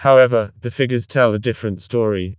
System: TTS, vocoder